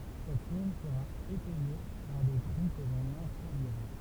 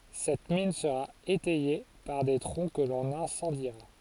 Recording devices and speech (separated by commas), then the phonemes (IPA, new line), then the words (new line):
temple vibration pickup, forehead accelerometer, read sentence
sɛt min səʁa etɛje paʁ de tʁɔ̃ kə lɔ̃n ɛ̃sɑ̃diʁa
Cette mine sera étayée par des troncs que l'on incendiera.